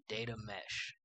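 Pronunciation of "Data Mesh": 'Data Mesh' is said with an American accent.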